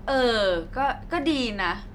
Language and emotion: Thai, neutral